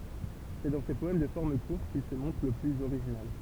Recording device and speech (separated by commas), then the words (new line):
temple vibration pickup, read sentence
C'est dans ces poèmes de formes courtes qu'il se montre le plus original.